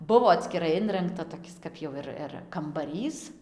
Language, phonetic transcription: Lithuanian, ˈbuvo atskiˈrai ˈinrangta toˈkis kap ˈjau ir ir kambaˈrys

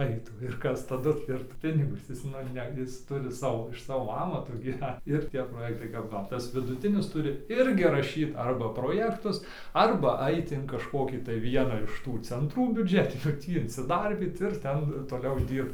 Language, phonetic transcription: Lithuanian, ˈaitų ir ˈkas taˈdu ir ˈpinigus ˈjis nu ˈne ˈjis ˈturi ˈsavo iš ˈsavo ˈamato gyˈvent ir ˈtie proˈjektai ˈkap ˈva tas viduˈtinis ˈturi ˈirgi raˈšyt ˈarba proˈjektus ˈarba ˈait in kažˈkokį tai ˈvieną iš ˈtų cenˈtrų biuˈdžetinių ˈtį insiˈdarbyt ir ˈten toˈliau ˈdyrbt

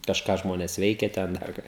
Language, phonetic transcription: Lithuanian, kažˈką ˈžmonės ˈveikia ˈten ˈdar ką

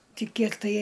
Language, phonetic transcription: Lithuanian, ˈti ˈkiek tai

